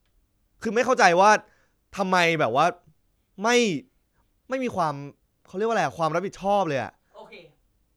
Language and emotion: Thai, frustrated